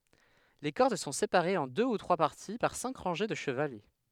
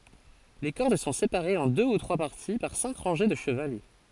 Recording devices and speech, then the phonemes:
headset microphone, forehead accelerometer, read sentence
le kɔʁd sɔ̃ sepaʁez ɑ̃ dø u tʁwa paʁti paʁ sɛ̃k ʁɑ̃ʒe də ʃəvalɛ

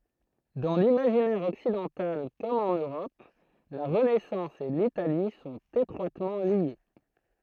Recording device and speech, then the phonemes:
throat microphone, read sentence
dɑ̃ limaʒinɛʁ ɔksidɑ̃tal kɔm ɑ̃n øʁɔp la ʁənɛsɑ̃s e litali sɔ̃t etʁwatmɑ̃ lje

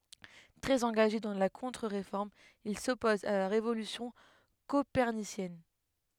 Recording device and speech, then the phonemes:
headset microphone, read sentence
tʁɛz ɑ̃ɡaʒe dɑ̃ la kɔ̃tʁəʁefɔʁm il sɔpozt a la ʁevolysjɔ̃ kopɛʁnisjɛn

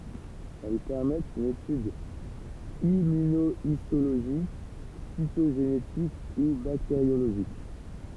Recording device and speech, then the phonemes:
temple vibration pickup, read sentence
ɛl pɛʁmɛtt yn etyd immynoistoloʒik sitoʒenetik u bakteʁjoloʒik

